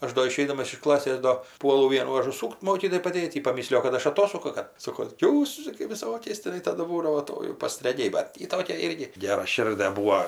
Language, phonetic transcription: Lithuanian, ˈaš do iˈšeidamas iš ˈklasės do ˈpuolu ˈvienų ažuˈsūkt ˈmokytojai paˈdėt ˈjy paˈmislijo kad ˈaš aˈtosuku ka ˈsoko ˈjūs čia kai viˈsokiais tiˈnai ˈtadu ˈbūdavo ˈto jau pastraˈgiai ˈbat ˈjy ˈtokia ˈirgi geraˈširde ˈbūo

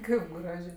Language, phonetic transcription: Lithuanian, ˈkaip ˈgražė

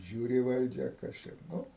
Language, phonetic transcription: Lithuanian, ˈžiūri ˈvaldžia ˈkas čia ˈnu

